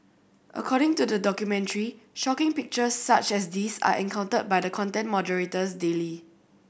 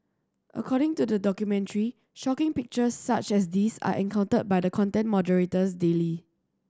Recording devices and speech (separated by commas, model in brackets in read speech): boundary microphone (BM630), standing microphone (AKG C214), read sentence